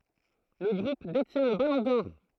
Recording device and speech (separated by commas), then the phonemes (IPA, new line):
throat microphone, read sentence
lə ɡʁup detjɛ̃ lə balɔ̃ dɔʁ